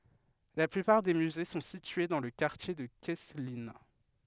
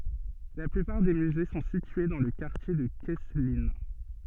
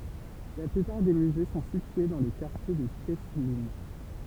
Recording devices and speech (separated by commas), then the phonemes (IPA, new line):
headset microphone, soft in-ear microphone, temple vibration pickup, read sentence
la plypaʁ de myze sɔ̃ sitye dɑ̃ lə kaʁtje də kɛsklin